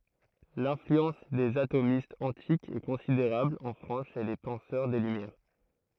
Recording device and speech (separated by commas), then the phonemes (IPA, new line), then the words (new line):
throat microphone, read sentence
lɛ̃flyɑ̃s dez atomistz ɑ̃tikz ɛ kɔ̃sideʁabl ɑ̃ fʁɑ̃s ʃe le pɑ̃sœʁ de lymjɛʁ
L'influence des atomistes antiques est considérable en France chez les penseurs des Lumières.